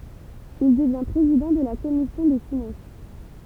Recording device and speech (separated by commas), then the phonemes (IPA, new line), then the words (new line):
temple vibration pickup, read sentence
il dəvjɛ̃ pʁezidɑ̃ də la kɔmisjɔ̃ de finɑ̃s
Il devient président de la Commission des finances.